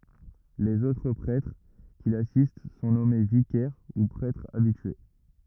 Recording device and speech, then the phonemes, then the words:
rigid in-ear microphone, read sentence
lez otʁ pʁɛtʁ ki lasist sɔ̃ nɔme vikɛʁ u pʁɛtʁz abitye
Les autres prêtres qui l'assistent sont nommés vicaires, ou prêtres habitués.

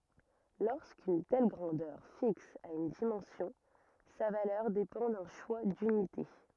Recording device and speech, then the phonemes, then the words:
rigid in-ear microphone, read sentence
loʁskyn tɛl ɡʁɑ̃dœʁ fiks a yn dimɑ̃sjɔ̃ sa valœʁ depɑ̃ dœ̃ ʃwa dynite
Lorsqu'une telle grandeur fixe a une dimension, sa valeur dépend d'un choix d'unités.

